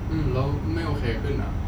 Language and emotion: Thai, frustrated